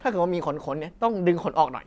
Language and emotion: Thai, neutral